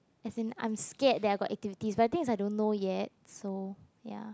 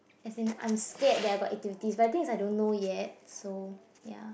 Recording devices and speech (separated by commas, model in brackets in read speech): close-talking microphone, boundary microphone, conversation in the same room